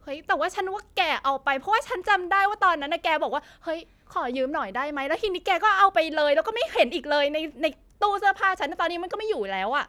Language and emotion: Thai, angry